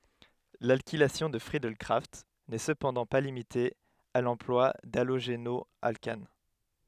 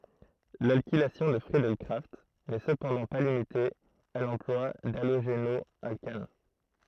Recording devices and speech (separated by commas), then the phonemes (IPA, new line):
headset microphone, throat microphone, read sentence
lalkilasjɔ̃ də fʁiədɛl kʁaft nɛ səpɑ̃dɑ̃ pa limite a lɑ̃plwa daloʒenɔalkan